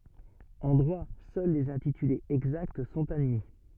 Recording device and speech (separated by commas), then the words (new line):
soft in-ear microphone, read sentence
En droit, seuls les intitulés exacts sont admis.